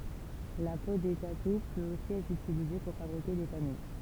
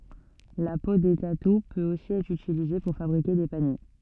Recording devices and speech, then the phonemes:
temple vibration pickup, soft in-ear microphone, read sentence
la po de tatu pøt osi ɛtʁ ytilize puʁ fabʁike de panje

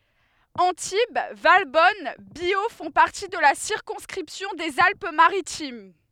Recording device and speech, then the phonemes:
headset microphone, read sentence
ɑ̃tib valbɔn bjo fɔ̃ paʁti də la siʁkɔ̃skʁipsjɔ̃ dez alp maʁitim

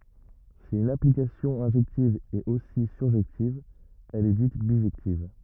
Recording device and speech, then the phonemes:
rigid in-ear microphone, read sentence
si yn aplikasjɔ̃ ɛ̃ʒɛktiv ɛt osi syʁʒɛktiv ɛl ɛ dit biʒɛktiv

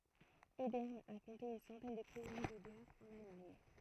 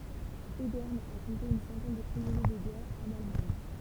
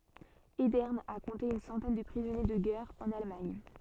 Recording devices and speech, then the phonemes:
throat microphone, temple vibration pickup, soft in-ear microphone, read sentence
edɛʁn a kɔ̃te yn sɑ̃tɛn də pʁizɔnje də ɡɛʁ ɑ̃n almaɲ

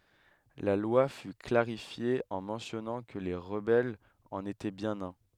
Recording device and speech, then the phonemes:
headset microphone, read sentence
la lwa fy klaʁifje ɑ̃ mɑ̃sjɔnɑ̃ kə le ʁəbɛlz ɑ̃n etɛ bjɛ̃n œ̃

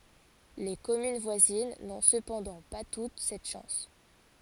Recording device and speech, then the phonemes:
forehead accelerometer, read sentence
le kɔmyn vwazin nɔ̃ səpɑ̃dɑ̃ pa tut sɛt ʃɑ̃s

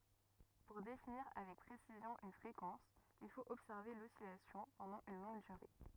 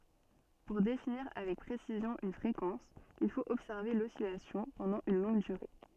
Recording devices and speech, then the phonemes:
rigid in-ear microphone, soft in-ear microphone, read sentence
puʁ definiʁ avɛk pʁesizjɔ̃ yn fʁekɑ̃s il fot ɔbsɛʁve lɔsilasjɔ̃ pɑ̃dɑ̃ yn lɔ̃ɡ dyʁe

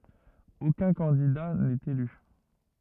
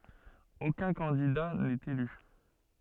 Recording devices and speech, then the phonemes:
rigid in-ear microphone, soft in-ear microphone, read sentence
okœ̃ kɑ̃dida nɛt ely

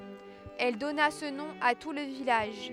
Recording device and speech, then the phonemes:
headset microphone, read sentence
ɛl dɔna sə nɔ̃ a tu lə vilaʒ

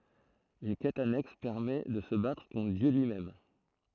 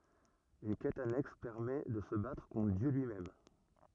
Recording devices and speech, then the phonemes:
throat microphone, rigid in-ear microphone, read sentence
yn kɛt anɛks pɛʁmɛ də sə batʁ kɔ̃tʁ djø lyimɛm

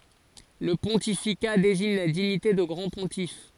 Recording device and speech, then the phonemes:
forehead accelerometer, read sentence
lə pɔ̃tifika deziɲ la diɲite də ɡʁɑ̃ə pɔ̃tif

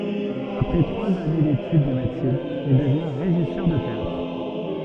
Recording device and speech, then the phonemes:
soft in-ear microphone, read sentence
apʁɛ tʁwaz ane detyd də medəsin il dəvjɛ̃ ʁeʒisœʁ də teatʁ

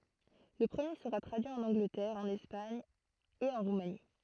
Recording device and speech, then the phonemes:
throat microphone, read sentence
lə pʁəmje səʁa tʁadyi ɑ̃n ɑ̃ɡlətɛʁ ɑ̃n ɛspaɲ e ɑ̃ ʁumani

